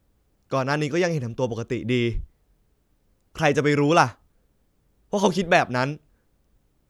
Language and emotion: Thai, frustrated